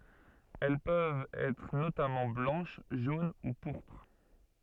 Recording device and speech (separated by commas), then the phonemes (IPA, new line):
soft in-ear microphone, read sentence
ɛl pøvt ɛtʁ notamɑ̃ blɑ̃ʃ ʒon u puʁpʁ